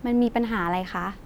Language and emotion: Thai, neutral